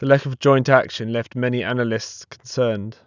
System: none